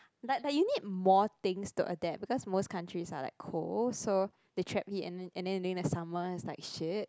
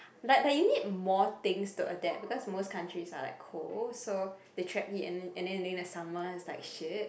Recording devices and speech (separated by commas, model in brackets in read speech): close-talking microphone, boundary microphone, conversation in the same room